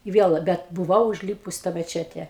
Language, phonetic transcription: Lithuanian, i ˈviel ˈbet buˈvau užˈlypus i tą meˈčete

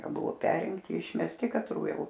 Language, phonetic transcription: Lithuanian, ˈbuvo ˈperinkti išmesˈti katˈrų ˈjau

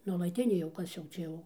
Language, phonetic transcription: Lithuanian, nuolaˈtinė jau ˈkas jau ˈčia jau

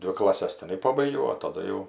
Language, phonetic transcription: Lithuanian, ˈdvi klaˈses tiˈnai ˈpabaigiau

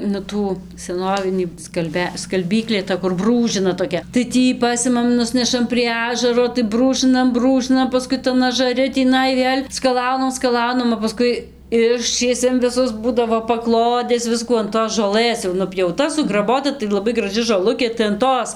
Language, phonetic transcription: Lithuanian, nu ˈtų seˈnovinį skalˈbia skalˈbyklė ta kur ˈbrūžina toˈkia tai ˈtį ˈpasimam ˈnusnešam prie ˈažaro tai ˈbrūžɨnam ˈbrūžɨnam paˈskui tan ažaˈri tįˈnai ˈvėl' skaˈlaunam skaˈlaunam o paˈskui ˈiščiesiam viˈsus ˈbūdavo paˈklodes ˈviskų an tos žoˈlɘs jau nupjauˈta sugraˈbota tai laˈbai graˈži žoˈlukė tai an ˈtos

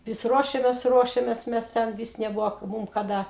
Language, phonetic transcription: Lithuanian, ˈvis ˈruošemės ˈruošemės ˈmes ˈten ˈvys neˈbuvo ˈmum kaˈda

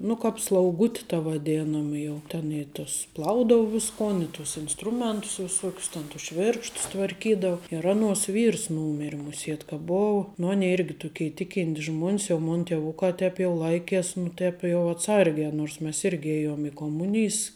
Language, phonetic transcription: Lithuanian, ˈnu kap slauˈguti ta vaˈdėnama ˈjau ten i tus ˈplaudau ˈviskon i ˈtus insˈtrumentus viˈsuokius ˈten tus ˈšvirkštus tvarˈkydau ir ˈanuos ˈvyrs ˈnūmiri muˈsiet ka ˈbou ˈnu ˈanei ˈirgi ˈtukei ˈtikintis ˈžmuon's jau ˈmon ˈtievukā ˈtēp jau ˈlaikes nu ˈtēp jau atˈsargē nors ˈmes ˈirgi ˈėjom i koˈmunijs

